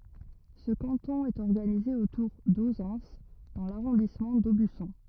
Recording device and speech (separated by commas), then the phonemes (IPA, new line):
rigid in-ear microphone, read sentence
sə kɑ̃tɔ̃ ɛt ɔʁɡanize otuʁ dozɑ̃s dɑ̃ laʁɔ̃dismɑ̃ dobysɔ̃